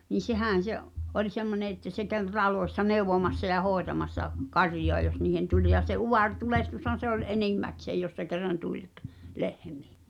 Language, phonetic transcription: Finnish, ni "sehä̀n̬ se’ , '’oĺ 'semmone että se käv '(t)alòessa "neuvomassa ja 'hòetamassa , "karjoa jos niihen 'tuĺ ja se 'uvar'tulehtushan se ‿ol "enimmäkseej jos se kerran 'tuĺ k- , "lehmɪɪ .
- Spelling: niin sehän se oli semmoinen että se kävi taloissa neuvomassa ja hoitamassa karjaa jos niihin tuli ja se utaretulehdushan se oli enimmäkseen jos se kerran tuli - lehmiin

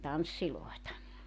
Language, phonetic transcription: Finnish, 'tanssilòeta .
- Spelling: tansseja

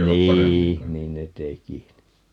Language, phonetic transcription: Finnish, 'nii , "niin ne 'teki (ni) .
- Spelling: niin niin ne teki -

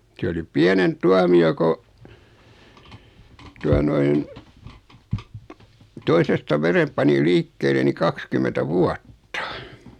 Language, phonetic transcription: Finnish, 'siä oli 'piänemp "tuami₍o ko , 'tua noin , 'toisesta "verem pani 'liikkeele ni 'kakskymentä "vuatta .
- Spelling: siellä oli pienempi tuomio kun tuota noin toisesta veren pani liikkeelle niin kaksikymmentä vuotta

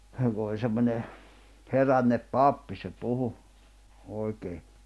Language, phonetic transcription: Finnish, se ku oĺ semmońe , 'herännep "pappi se 'puhu , 'òikee .
- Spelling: se kun oli semmoinen herännyt pappi se puhui oikein

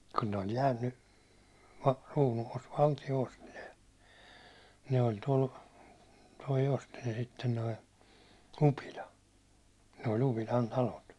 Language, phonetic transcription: Finnish, kun ne ‿ol 'jäänny , ruunuvout 'valtio 'osti ne , ne oi 'tol , toi 'osti ne 'sitten toi , 'Upila , ne ‿ol 'Upilan 'talot .
- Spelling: kun ne oli jäänyt kruunuvouti valtio osti ne ne oli tuolla tuo osti ne sitten tuo Upila ne oli Upilan talot

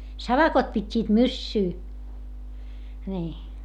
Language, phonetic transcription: Finnish, savakot pit́t́iit myssyy , ńii .
- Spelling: savakot pitivät myssyä niin

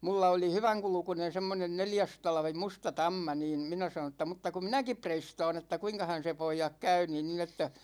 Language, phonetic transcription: Finnish, 'mulla oli "hyväŋkulkunen̬ 'semmonen "neljästalvi 'musta "tamma niin , 'minä sanoo̰ ‿tta mutta ku "minäkip 'preiståån ‿että 'kuiŋkahan̬ se 'poijak 'käy niin nin ‿että ,.
- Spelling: minulla oli hyvänkulkuinen semmoinen neljästalvi musta tamma niin minä sanoin että mutta kun minäkin reistaan että kuinkahan se pojat käy niin niin että

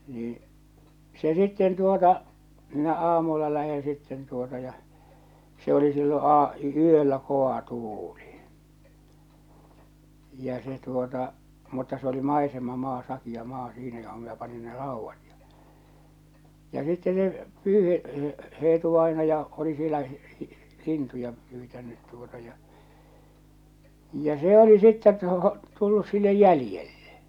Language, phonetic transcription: Finnish, niiḭ , 'se 'sitten tuota , minä 'aamulla läheḛ sitten tuota ja , se oli sillo aa- , 'yöllä 'ko₍a 'tuuli , ja se tuota , mutta se oli 'maisema'maa 'sakiʲa 'maa 'siinä joho minä pani ne "ràuvvat ᴊᴀ , ja sitte ne , 'Pyyhe’- , 'Eetu-vainaja , oli sielä , 'lintuja pyytännyt tuota ja , ja 'se ‿oli sittet tu- , tullus sillej 'jälⁱjellᴇ .
- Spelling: niin se sitten tuota minä aamulla lähden sitten tuota ja se oli silloin - yöllä kova tuuli ja se tuota mutta se oli maisemamaa sakea maa siinä johon minä panin ne raudat ja ja sitten ne - Eetu-vainaja oli siellä lintuja pyytänyt tuota ja ja se oli sitten - tullut sille jäljelle

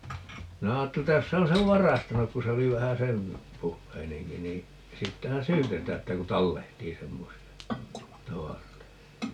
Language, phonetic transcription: Finnish, 'minä 'aatteli ‿ttä 'jos se on̬ sev "varastanuk ku se 'oli vähä "sen , 'puhheineŋki nii , 'siittähän "syytetää että ku "tallehtii 'semmosi₍a , 'tavaroita .
- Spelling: minä ajattelin että jos se on sen varastanut kun se oli vähän sen puheinenkin niin siitähän syytetään että kun tallehtii semmoisia tavaroita

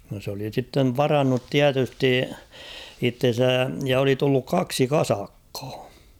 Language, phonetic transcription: Finnish, no s ‿oli sittev "varannut "tiätysti , 'itten̬sä , ja oli 'tulluk "kaksi "kasakkᴀᴀ .
- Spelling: no se oli sitten varannut tietysti itsensä ja oli tullut kaksi kasakkaa

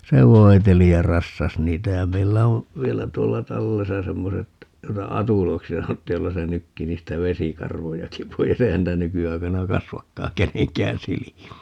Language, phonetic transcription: Finnish, "se 'voi̮teli ja 'rassas 'niitä ja 'meillä on̬ , "vielä 'tuolla 'tallesa 'semmoset , 'joita "atuloiksi 'sanottiij 'joilla se 'nykki 'niistä "vesikarvojaki poi's ‿eihän 'niitä 'nyky₍aikana "kasvakkaa 'keneŋkään 'silimii (nii) .
- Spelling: se voiteli ja rassasi niitä ja meillä on vielä tuolla tallessa semmoiset joita atuloiksi sanottiin joilla se nykki niistä vesikarvojakin pois eihän niitä nykyaikana kasvakaan kenenkään silmiin niin

